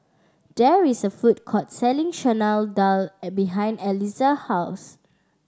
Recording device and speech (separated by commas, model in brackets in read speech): standing microphone (AKG C214), read sentence